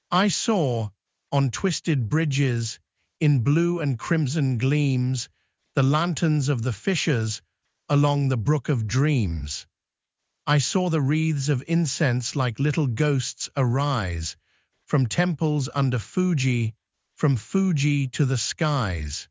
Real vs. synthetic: synthetic